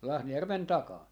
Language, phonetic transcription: Finnish, 'Lahnajärven 'takaa .
- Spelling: Lahnajärven takana

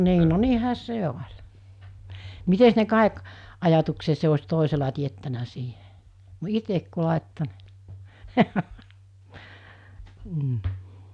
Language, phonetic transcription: Finnish, 'nii no 'niihä 'se oĺ , 'mites ne 'kàik , ajatuksese os̜ 'tòisela tiettänä sii(ɦe) , "itek ku 'làetto ni̬ , m̥ .
- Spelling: niin no niinhän se oli mitenkäs ne kaikki ajatuksensa olisi toisella teettänyt siihen itse kun laittoi niin mm

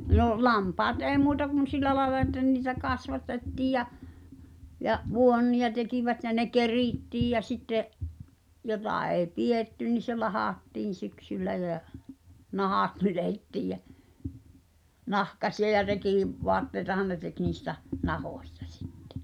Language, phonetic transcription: Finnish, 'nò’ , 'lampaat "’eeⁱ muuta kun 'sil̆lä làela että niitä 'kasvatettiij jä , ja’ "vuonniʲa tekivät jä 'ne "kerìttiij jä sitte’ , 'jotà èi̬ "pi₍ètty ni se 'lahàttiin̬ 'syksyllä jä , "nahat 'nylettiij jä , "nahkasi₍a ja 'rekì- , -'voatteitahan ne tek niista͕ , "nahòśtᴀ sɪttᴇ .
- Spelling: no lampaat ei muuta kuin sillä lailla että niitä kasvatettiin ja ja vuonia tekivät ja ne kerittiin ja sitten jota ei pidetty niin se lahdattiin syksyllä ja nahat nyljettiin ja nahkaisia ja - rekivaatteita ne teki niistä nahoista sitten

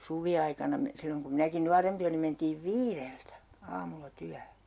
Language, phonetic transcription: Finnish, 'suvi₍aikana me- , 'silloŋ kum 'minäki "nuarempi olim mentiiv "viireltä , 'aamulla 'tyähö .
- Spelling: suviaikana - silloin kun minäkin nuorempi olin mentiin viideltä aamulla työhön

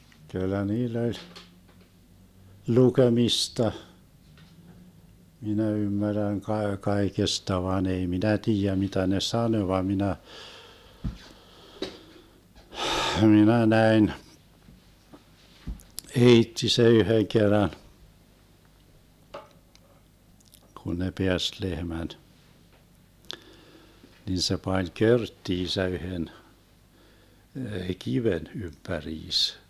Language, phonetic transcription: Finnish, kyllä 'niill ‿oĺ , "lukemista , 'minä 'ymmärrän kae- 'kaekesta vaan ‿ei "minä 'tiijä 'mitä ne "sanö va 'minä , "hminä 'näin , "eitti se 'yhöŋ 'kerran , kun ne 'peäst 'lehmäD , 'nin se pań "körttiisä 'yhen , "kiven 'ympäriis .
- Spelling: kyllä niillä oli lukemista minä ymmärrän - kaikesta vaan ei minä tiedä mitä ne sanoi vaan minä minä näin äiti se yhden kerran kun ne päästi lehmät niin se pani körttinsä yhden kiven ympäriinsä

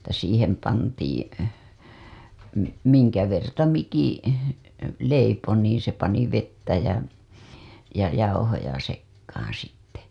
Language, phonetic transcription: Finnish, (et)tä 'siihem pantiiḭ , mi- , miŋkä verta 'mikiḭ , 'leipo niiḭ se pani vettä jä , ja jauhoja sekkaaa̰ sitte .
- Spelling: että siihen pantiin - minkä verta mikin leipoi niin se pani vettä ja ja jauhoja sekaan sitten

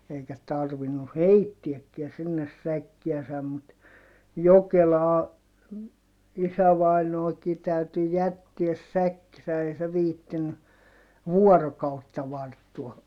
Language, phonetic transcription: Finnish, eikä tarvinu heittiäkkiä sinnes säkkiäsäm mut , Jokelaa , isävainooki täyty jättiäs säkkisä - ei se viittiny , vuɔrokautta varttua .
- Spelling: eikä tarvinnut heittääkään sinne säkkiänsä mutta Jokelaan isävainaankin täytyi jättää säkkinsä ei se viitsinyt vuorokautta varttua

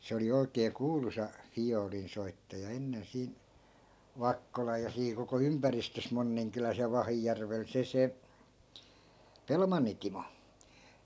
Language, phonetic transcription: Finnish, 'se oli oikee "kuulusa , 'fijoolinsoittaja 'ennen 'siin̬ , "vakkolaj ja sii koko 'ympäristös 'monniŋkyläs ja 'vahijärvel 'se se , "pelmanni timo .
- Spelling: se oli oikein kuuluisa viulunsoittaja ennen siinä Vakkolan ja siinä koko ympäristössä Monninkylässä ja Vahijärvellä se se Pelmannin Timo

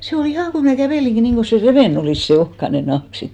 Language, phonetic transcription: Finnish, se o"l ‿ihànä̀ 'kävèliŋki 'niiŋko se 'revè"n ‿olìs , se 'ohkane nahk 'sit .
- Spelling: se oli ihan kävelinkin niin kuin se revennyt olisi se ohkainen nahka sitten

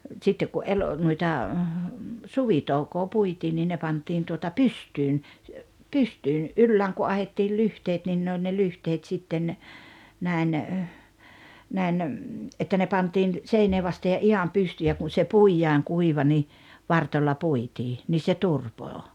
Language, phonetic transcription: Finnish, 'sittek ku '’el- , nuita , "suvitoukoo 'puitii nii ne 'pant̀iin tuota "pystyyn , 'pystyyn̬ , "’yllääŋ ku 'ahettiil "lyhteet nin ne oĺ ne 'lyhteet sitten , 'nä̀in , 'näin , 'että ne 'pantiin , 'seinee vaste ja 'iham 'pystyy ja kun̬ se "puijaaŋ 'kuiva ni , "vartoĺĺa "puitii , 'nii se "turpoo .
- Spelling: sitten kun - noita suvitoukoa puitiin niin ne pantiin tuota pystyyn pystyyn ylään kun ahdettiin lyhteet niin ne oli ne lyhteet sitten näin näin että ne pantiin seinää vasten ja ihan pystyyn ja kun se puidaan kuiva niin varstoilla puitiin niin se turpoaa

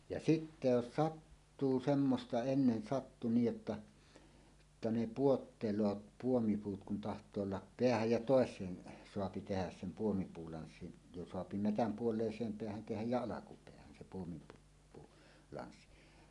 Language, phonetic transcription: Finnish, ja "sitte "jos "sattuu 'semmosta ennen sattu 'niij jotta , [jot]ta ne "puottel̀oot 'puomipuut kun taht̀oo olla , "peähäj ja "tòes̀een , soapi tehäs 'sem "puomipuulanssin , jo soapi "metäm "puol̀èis̀eem 'peähän "tehäj jä "alakupeähän sem puomipuu , -puu- , '-lanssin .
- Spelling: ja sitten jos sattuu semmoista ennen sattui niin jotta jotta ne putoilee puomipuut kun tahtoo olla päähän ja toiseen saa tehdä sen puomipuulanssin jo saa metsän puoleiseen päähän tehdä ja alkupäähän sen puomipuu - puulanssin

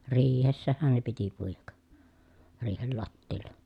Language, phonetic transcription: Finnish, riihessähän ne piti puijak , riihel lattiilla .
- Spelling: riihessähän ne piti puida riihen lattialla

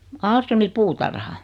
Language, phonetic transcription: Finnish, 'Aalströmi 'puutarha .
- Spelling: Ahlströmin puutarha

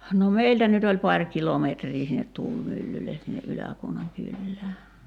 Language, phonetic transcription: Finnish, no "meiltä nyt ‿oĺ 'paŕ 'kilometrii sinnet "tuulmyllyle sinne '’Yläkuonaŋ 'kyllää .
- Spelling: no meiltä nyt oli pari kilometriä sinne tuulimyllylle sinne Ylä-Kuonan kylään

